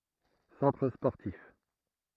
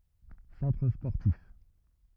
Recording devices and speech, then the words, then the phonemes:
throat microphone, rigid in-ear microphone, read sentence
Centre sportif.
sɑ̃tʁ spɔʁtif

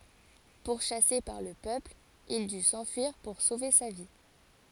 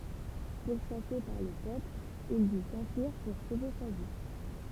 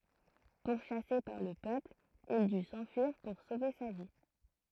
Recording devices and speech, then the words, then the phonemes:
forehead accelerometer, temple vibration pickup, throat microphone, read sentence
Pourchassé par le peuple, il dut s'enfuir pour sauver sa vie.
puʁʃase paʁ lə pøpl il dy sɑ̃fyiʁ puʁ sove sa vi

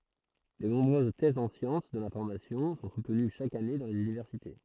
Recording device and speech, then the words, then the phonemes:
throat microphone, read sentence
De nombreuses thèses en sciences de l’information sont soutenues chaque année dans les universités.
də nɔ̃bʁøz tɛzz ɑ̃ sjɑ̃s də lɛ̃fɔʁmasjɔ̃ sɔ̃ sutəny ʃak ane dɑ̃ lez ynivɛʁsite

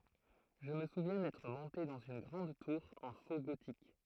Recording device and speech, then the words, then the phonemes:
throat microphone, read sentence
Je me souviens d'être monté dans une grande tour en faux gothique.
ʒə mə suvjɛ̃ dɛtʁ mɔ̃te dɑ̃z yn ɡʁɑ̃d tuʁ ɑ̃ fo ɡotik

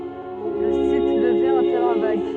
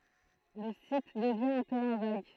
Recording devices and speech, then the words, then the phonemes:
soft in-ear microphone, throat microphone, read sentence
Le site devient un terrain vague.
lə sit dəvjɛ̃ œ̃ tɛʁɛ̃ vaɡ

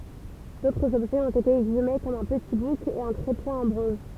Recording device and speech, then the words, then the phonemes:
temple vibration pickup, read sentence
D'autres objets ont été exhumés comme un petit bouc et un trépied en bronze.
dotʁz ɔbʒɛz ɔ̃t ete ɛɡzyme kɔm œ̃ pəti buk e œ̃ tʁepje ɑ̃ bʁɔ̃z

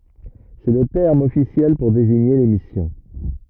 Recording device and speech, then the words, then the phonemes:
rigid in-ear microphone, read sentence
C'est le terme officiel pour désigner les missions.
sɛ lə tɛʁm ɔfisjɛl puʁ deziɲe le misjɔ̃

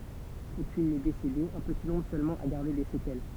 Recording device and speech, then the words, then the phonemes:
temple vibration pickup, read sentence
Aucune n'est décédée, un petit nombre seulement a gardé des séquelles.
okyn nɛ desede œ̃ pəti nɔ̃bʁ sølmɑ̃ a ɡaʁde de sekɛl

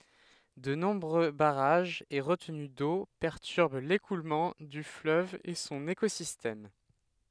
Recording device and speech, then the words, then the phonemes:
headset microphone, read sentence
De nombreux barrages et retenues d'eau perturbent l'écoulement du fleuve et son écosystème.
də nɔ̃bʁø baʁaʒz e ʁətəny do pɛʁtyʁb lekulmɑ̃ dy fløv e sɔ̃n ekozistɛm

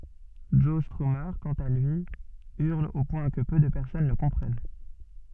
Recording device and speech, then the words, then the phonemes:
soft in-ear microphone, read sentence
Joe Strummer, quant à lui, hurle au point que peu de personnes le comprennent.
ʒɔ stʁyme kɑ̃t a lyi yʁl o pwɛ̃ kə pø də pɛʁsɔn lə kɔ̃pʁɛn

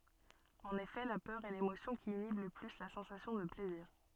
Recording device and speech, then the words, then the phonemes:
soft in-ear microphone, read sentence
En effet la peur est l'émotion qui inhibe le plus la sensation de plaisir.
ɑ̃n efɛ la pœʁ ɛ lemosjɔ̃ ki inib lə ply la sɑ̃sasjɔ̃ də plɛziʁ

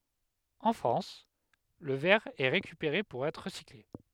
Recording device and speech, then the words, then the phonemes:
headset microphone, read sentence
En France, le verre est récupéré pour être recyclé.
ɑ̃ fʁɑ̃s lə vɛʁ ɛ ʁekypeʁe puʁ ɛtʁ ʁəsikle

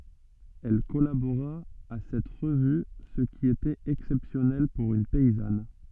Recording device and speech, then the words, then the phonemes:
soft in-ear microphone, read sentence
Elle collabora à cette revue, ce qui était exceptionnel pour une paysanne.
ɛl kɔlaboʁa a sɛt ʁəvy sə ki etɛt ɛksɛpsjɔnɛl puʁ yn pɛizan

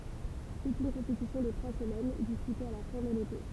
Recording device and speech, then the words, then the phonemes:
temple vibration pickup, read sentence
C'est une compétition de trois semaines, disputée à la fin de l'été.
sɛt yn kɔ̃petisjɔ̃ də tʁwa səmɛn dispyte a la fɛ̃ də lete

